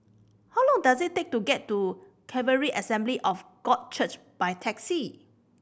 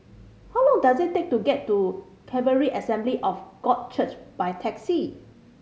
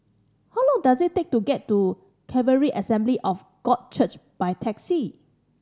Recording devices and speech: boundary microphone (BM630), mobile phone (Samsung C5010), standing microphone (AKG C214), read sentence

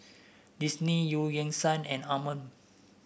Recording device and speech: boundary microphone (BM630), read sentence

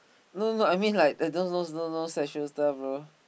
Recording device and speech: boundary microphone, conversation in the same room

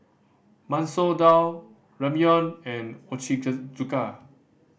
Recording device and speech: boundary microphone (BM630), read sentence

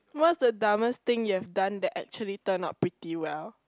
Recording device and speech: close-talking microphone, conversation in the same room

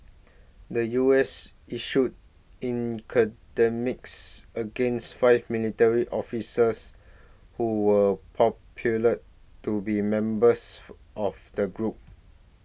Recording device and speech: boundary microphone (BM630), read sentence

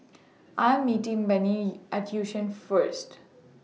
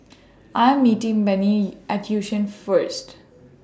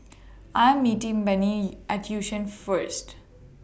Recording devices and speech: mobile phone (iPhone 6), standing microphone (AKG C214), boundary microphone (BM630), read sentence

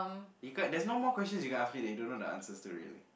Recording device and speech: boundary microphone, conversation in the same room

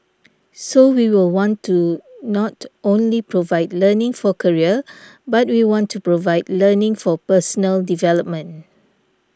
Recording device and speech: standing microphone (AKG C214), read sentence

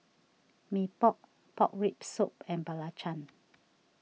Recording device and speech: mobile phone (iPhone 6), read sentence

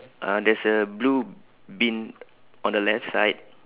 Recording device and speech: telephone, conversation in separate rooms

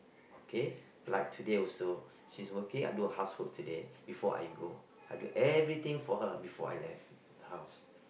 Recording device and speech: boundary microphone, conversation in the same room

